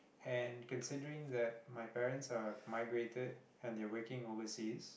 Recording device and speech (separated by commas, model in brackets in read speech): boundary microphone, conversation in the same room